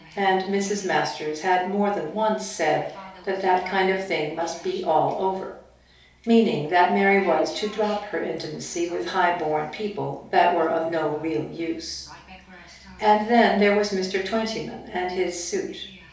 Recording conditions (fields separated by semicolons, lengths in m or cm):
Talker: one person; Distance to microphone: 3.0 m; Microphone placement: far; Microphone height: 1.8 m; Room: small (3.7 m by 2.7 m); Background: television